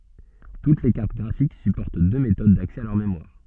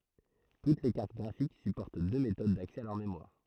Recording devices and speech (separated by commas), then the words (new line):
soft in-ear microphone, throat microphone, read sentence
Toutes les cartes graphiques supportent deux méthodes d’accès à leur mémoire.